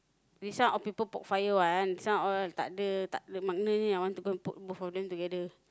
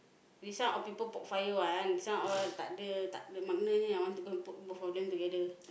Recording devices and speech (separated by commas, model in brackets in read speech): close-talking microphone, boundary microphone, conversation in the same room